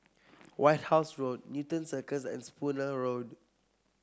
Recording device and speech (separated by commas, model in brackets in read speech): close-talking microphone (WH30), read sentence